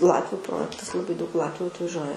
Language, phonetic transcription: Lithuanian, ˈlatviu ˈprojektas laˈbai daug ˈlatviu atvaˈžiuoja

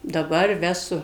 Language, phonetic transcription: Lithuanian, daˈbar ˈvesu

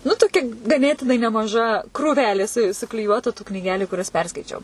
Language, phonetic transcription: Lithuanian, nu tuˈkia gaˈnėtinai nemaˈža kruˈvelė su sukliˈjuotu tų knyˈgeliu ˈkurias ˈperskaičiau

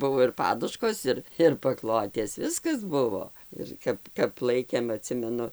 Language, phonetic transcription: Lithuanian, ˈbuvo ir ˈpaduškos ˈir ir paˈklotės ˈviskas ˈbuvo ir ˈkap kap ˈlaikėm aˈtsimenu

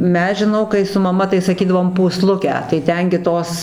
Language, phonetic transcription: Lithuanian, ˈmes žiˈnau kai su maˈma tai saˈkydavom pūˈslukę tai ˈten gi ˈtos

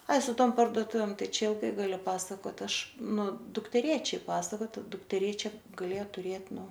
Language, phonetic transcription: Lithuanian, ˈai su ˈtom pardoˈtuvėm ˈtai ˈčia ilˈgai galiu ˈpasakot ˈaš ˈnu dukteˈrėčiai ˈpasakot dukteˈrėčia gaˈlėja tuˈrėt ˈnu

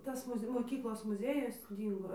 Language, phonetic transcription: Lithuanian, ˈtas ˈmuz' moˈkyklos muˈzėjus ˈdyngo

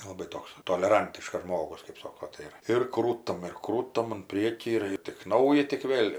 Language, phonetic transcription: Lithuanian, laˈbai ˈtoks toleˈrantiškas ˈžmogus kɜp ˈsoko ˈtai ir ir ˈkrūtam ir ˈkrūtam un ˈpriekį ir ir tik ˈnauja tik ˈvėl'

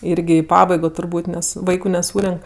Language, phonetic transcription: Lithuanian, ˈirgi i ˈpabaigo turˈbūt' ˈnes ˈvaiku neˈsūrenk

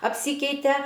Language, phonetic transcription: Lithuanian, apˈsykeite

